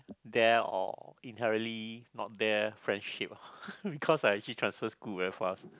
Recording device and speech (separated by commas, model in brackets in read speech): close-talking microphone, conversation in the same room